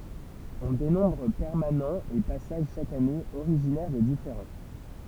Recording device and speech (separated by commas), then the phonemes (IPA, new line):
temple vibration pickup, read sentence
ɔ̃ denɔ̃bʁ pɛʁmanɑ̃z e pasaʒ ʃak ane oʁiʒinɛʁ də difeʁɑ̃